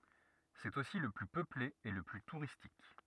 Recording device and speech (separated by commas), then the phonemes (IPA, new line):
rigid in-ear microphone, read sentence
sɛt osi lə ply pøple e lə ply tuʁistik